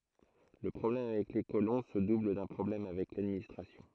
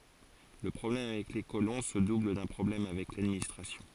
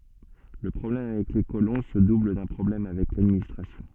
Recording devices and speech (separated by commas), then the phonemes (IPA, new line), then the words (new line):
throat microphone, forehead accelerometer, soft in-ear microphone, read sentence
lə pʁɔblɛm avɛk le kolɔ̃ sə dubl dœ̃ pʁɔblɛm avɛk ladministʁasjɔ̃
Le problème avec les colons se double d'un problème avec l'administration.